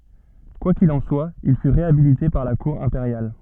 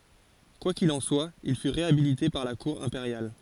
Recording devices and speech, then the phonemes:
soft in-ear microphone, forehead accelerometer, read sentence
kwa kil ɑ̃ swa il fy ʁeabilite paʁ la kuʁ ɛ̃peʁjal

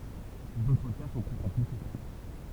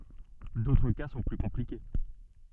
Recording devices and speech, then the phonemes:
temple vibration pickup, soft in-ear microphone, read sentence
dotʁ ka sɔ̃ ply kɔ̃plike

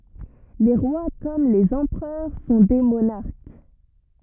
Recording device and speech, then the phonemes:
rigid in-ear microphone, read sentence
le ʁwa kɔm lez ɑ̃pʁœʁ sɔ̃ de monaʁk

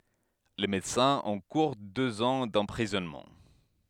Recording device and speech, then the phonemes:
headset microphone, read sentence
le medəsɛ̃z ɑ̃kuʁ døz ɑ̃ dɑ̃pʁizɔnmɑ̃

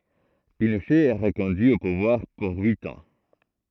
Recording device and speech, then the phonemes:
throat microphone, read sentence
pinoʃɛ ɛ ʁəkɔ̃dyi o puvwaʁ puʁ yit ɑ̃

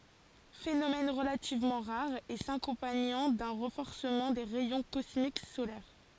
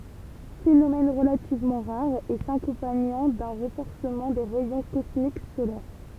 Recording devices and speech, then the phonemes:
forehead accelerometer, temple vibration pickup, read sentence
fenomɛn ʁəlativmɑ̃ ʁaʁ e sakɔ̃paɲɑ̃ dœ̃ ʁɑ̃fɔʁsəmɑ̃ de ʁɛjɔ̃ kɔsmik solɛʁ

